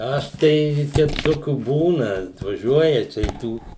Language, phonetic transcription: Lithuanian, ˈaš tai ˈteip ˈtokių ˈbūna atvaˈžiuoja ˈčia i ˈtų

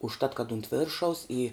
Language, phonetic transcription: Lithuanian, užˈtat kad unt ˈviršaus i

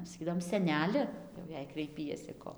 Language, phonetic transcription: Lithuanian, saˈkydavom seˈneli jau ˈjei kraiˈpiesi ˈko

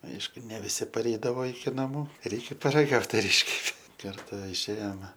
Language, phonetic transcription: Lithuanian, ˈaišku ne viˈsi paˈreidavo iki naˈmų ˈreikia paraˈgaut ar ˈiškepė karˈta išˈėjome

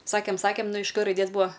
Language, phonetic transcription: Lithuanian, ˈsakėm ˈsakėm ˈnu iš k raiˈdės ˈbua

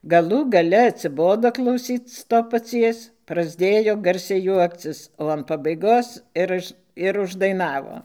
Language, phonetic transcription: Lithuanian, gaˈlų gaˈle atsiˈbodo klauˈsyc ˈto paˈcies prasˈdėjo ˈgarsiai ˈjuokcis o an pabaiˈgos ir ˈuž ir uždaiˈnavo

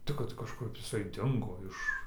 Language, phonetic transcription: Lithuanian, ˈtik kad kažˈkup iˈsai ˈdingo ˈiš

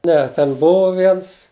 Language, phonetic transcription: Lithuanian, ˈne ten ˈbuvo ˈviens

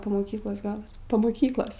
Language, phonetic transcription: Lithuanian, po moˈkyklos ˈgalas po moˈkyklos

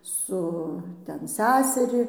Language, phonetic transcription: Lithuanian, ˈsu ˈten ˈsæseri

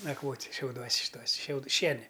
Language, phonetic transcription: Lithuanian, nakˈvot' šiauˈduos' šiˈtuos' šiaud ˈšieni

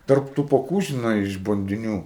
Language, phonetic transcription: Lithuanian, ˈtarp tų poˈkų žiˈnai iš bandiˈnių

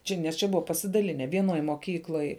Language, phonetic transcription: Lithuanian, ˈčia nes ˈčia ˈbuva pasidaˈline vieˈnoj moˈkykloj

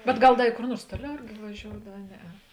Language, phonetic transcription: Lithuanian, bet ˈgal ˈda i kor ˈnuors ˈtuoˌliau ˈirgi vaˈžioudav a ˈneˌe

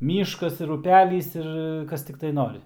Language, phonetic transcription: Lithuanian, ˈmyškas ir uˈpælys ir ˈkas tikˈtai ˈnori

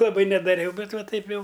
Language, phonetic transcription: Lithuanian, laˈbai nedaˈriau ˈbet ˈva ˈtaip ˈjau

